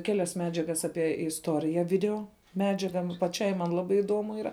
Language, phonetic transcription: Lithuanian, ˈkelias ˈmedžiagas ˈapie isˈtorija ˈvideo ˈmedžiaga nu paˈčiai man ˈlabai iˈduomu ˈyra

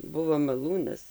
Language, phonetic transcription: Lithuanian, ˈbuvo maˈlūnas

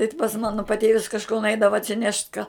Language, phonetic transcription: Lithuanian, i t pas ˈmano paˈtėvis kažˈko nuˈeidava atsiˈnešt ką

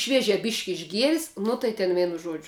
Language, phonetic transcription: Lithuanian, ˈšviežia ˈbyšk' išˈgieris ˈnu tai ten ˈvienu ˈžuodžiu

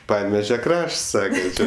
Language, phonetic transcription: Lithuanian, ˈpaneveže ˈkrašts ˈsaka ˈčė

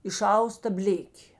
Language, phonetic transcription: Lithuanian, iˈšausta ˈblėkė

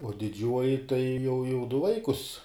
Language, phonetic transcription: Lithuanian, uo diˈdžiuoji tai jau jau du ˈvaikus

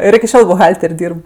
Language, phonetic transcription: Lithuanian, ˈir iki ˈšiol buˈhalter' ˈdyrb

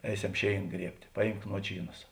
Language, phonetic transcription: Lithuanian, ˈeiˌsem ˈšėin ˈgriebt' ˈpaˌjymk ˈnuočyˌnas

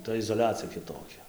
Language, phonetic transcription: Lithuanian, ˈta izoˈliacija kiˈtokia

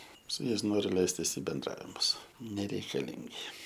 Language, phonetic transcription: Lithuanian, su ˈjais ˈnoriu ˈleistis i benˈdravimus nereikaˈlingi

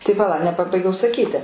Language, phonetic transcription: Lithuanian, tai paˈla nepaˈbaigiau saˈkyti

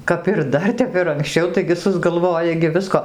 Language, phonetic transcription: Lithuanian, kap ir ˈdar ˈtep ir ankˈsčiau ˈtaigi susgalˈvoja gi ˈvisko

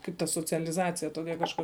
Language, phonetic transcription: Lithuanian, ˈkaip ta socialiˈzacija ˈtokia kažˈkur

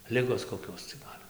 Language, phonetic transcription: Lithuanian, ˈligos koˈkios cia ˈgal'

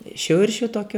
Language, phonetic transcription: Lithuanian, ˈšiuršiu ˈtokiu

